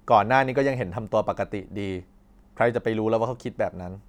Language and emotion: Thai, frustrated